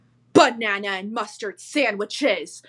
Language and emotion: English, angry